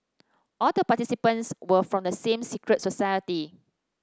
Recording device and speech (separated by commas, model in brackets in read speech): standing microphone (AKG C214), read sentence